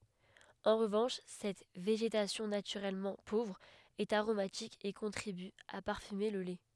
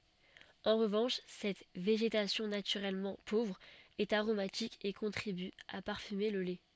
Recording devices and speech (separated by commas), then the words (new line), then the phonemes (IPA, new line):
headset microphone, soft in-ear microphone, read sentence
En revanche, cette végétation naturellement pauvre est aromatique et contribue à parfumer le lait.
ɑ̃ ʁəvɑ̃ʃ sɛt veʒetasjɔ̃ natyʁɛlmɑ̃ povʁ ɛt aʁomatik e kɔ̃tʁiby a paʁfyme lə lɛ